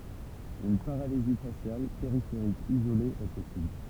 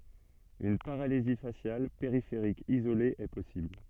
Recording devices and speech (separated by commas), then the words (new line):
temple vibration pickup, soft in-ear microphone, read sentence
Une paralysie faciale périphérique isolée est possible.